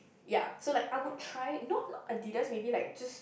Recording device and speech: boundary microphone, conversation in the same room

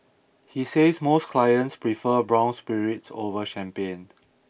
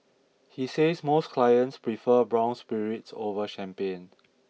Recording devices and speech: boundary microphone (BM630), mobile phone (iPhone 6), read sentence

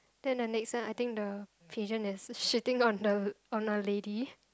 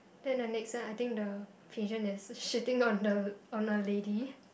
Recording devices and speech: close-talking microphone, boundary microphone, conversation in the same room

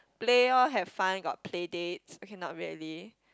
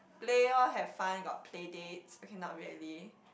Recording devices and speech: close-talking microphone, boundary microphone, conversation in the same room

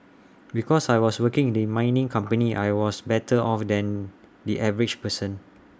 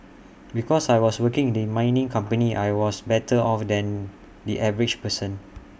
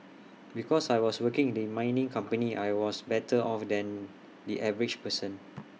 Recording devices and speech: standing microphone (AKG C214), boundary microphone (BM630), mobile phone (iPhone 6), read sentence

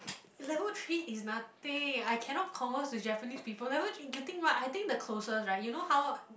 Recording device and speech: boundary microphone, conversation in the same room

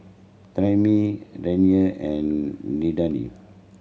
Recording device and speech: mobile phone (Samsung C7100), read sentence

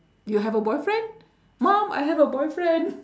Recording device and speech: standing microphone, conversation in separate rooms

